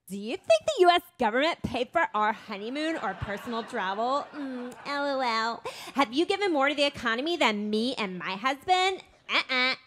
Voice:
snarky Valley girl voice